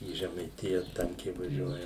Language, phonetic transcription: Lithuanian, į žemaiˈtija ˈtankiai vaˈžiuoja

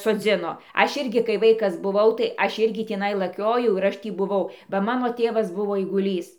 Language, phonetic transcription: Lithuanian, soˈdzino ˈaš ˈirgi kai ˈvaikas buˈvau tai ˈaš ˈirgi tįˈnai laˈkiojau ir ˈaš ˈtį buˈvau ba ˈmano ˈtėvas ˈbuvo aiguˈlys

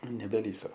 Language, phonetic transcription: Lithuanian, nebeˈlyko

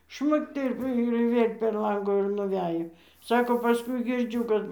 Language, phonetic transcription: Lithuanian, ˈšmukt ir ir ˈvėl' per ˈlangu ir nuˈvejo ˈsako paˈskui girˈdžiu kad

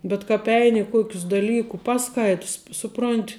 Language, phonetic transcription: Lithuanian, bet kāp ˈeini i ˈkuokius daˈlykų ˈpaˌskaits ˈsuˌpront'

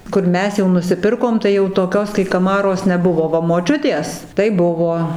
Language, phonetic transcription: Lithuanian, ˈkur ˈmes jau nusiˈpirkom tai jau toˈkios kai kaˈmaros neˈbuvo ˈva moˈčiutės tai ˈbuvo

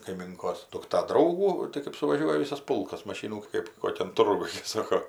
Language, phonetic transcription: Lithuanian, kaiˈminkos dukˈta ˈdraugų tai kɜp suvaˈžiuoja ˈvisas ˈpulkas maˈšynų ˈkɜp ˈkokian ˈturguj ˈsako

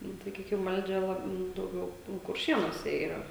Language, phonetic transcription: Lithuanian, ˈnu saˈkykim ˈvaldžia ˈlab nu dauˈgiau nu kurˈšienuose yˈra

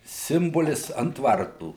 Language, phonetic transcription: Lithuanian, ˈsimbolis ant ˈvartų

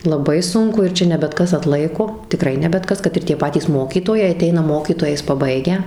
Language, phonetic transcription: Lithuanian, laˈbai ˈsunku ir ˈčia ne bet ˈkas atˈlaiko tiˈkrai ne bet ˈkas kad ir ˈtie ˈpatys ˈmokytojai aˈteina ˈmokytojais paˈbaigę

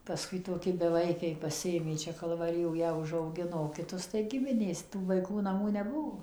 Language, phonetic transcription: Lithuanian, paˈskui toˈki beˈvaikiai paˈsiėmė ˈčia kalvaˈrijo ˈją užauˈgino o kiˈtus tai ˈgiminės ˈtų vaiˈkų naˈmų neˈbuo

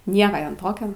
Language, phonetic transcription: Lithuanian, ˈnieka ˈjam ˈtokio

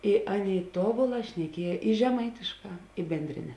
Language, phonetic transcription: Lithuanian, i ˈaˌnėi ˈtobuˌlā šneˈkiej i žeˈmaitišˌkā i bendˈrine

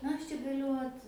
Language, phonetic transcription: Lithuanian, na ˈaš čia gaˈliu ˈot

